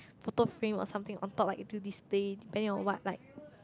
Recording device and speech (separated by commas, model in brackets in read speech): close-talking microphone, conversation in the same room